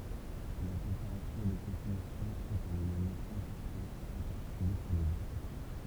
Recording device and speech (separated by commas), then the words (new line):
temple vibration pickup, read sentence
La température de consommation est un élément important en particulier pour les vins.